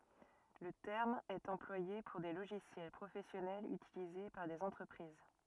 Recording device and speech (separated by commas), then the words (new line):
rigid in-ear microphone, read sentence
Le terme est employé pour des logiciels professionnels utilisés par des entreprises.